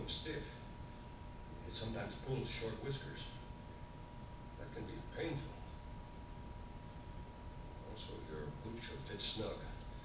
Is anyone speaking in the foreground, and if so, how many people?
No one.